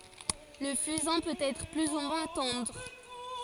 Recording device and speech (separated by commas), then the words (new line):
forehead accelerometer, read sentence
Le fusain peut être plus ou moins tendre.